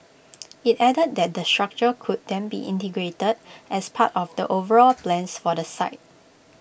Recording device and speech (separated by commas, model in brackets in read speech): boundary microphone (BM630), read sentence